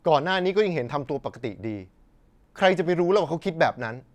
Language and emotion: Thai, frustrated